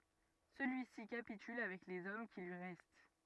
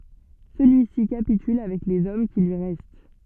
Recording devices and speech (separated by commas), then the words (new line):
rigid in-ear microphone, soft in-ear microphone, read sentence
Celui-ci capitule avec les hommes qui lui restent.